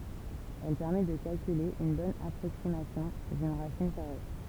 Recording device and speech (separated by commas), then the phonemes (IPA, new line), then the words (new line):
temple vibration pickup, read sentence
ɛl pɛʁmɛ də kalkyle yn bɔn apʁoksimasjɔ̃ dyn ʁasin kaʁe
Elle permet de calculer une bonne approximation d'une racine carrée.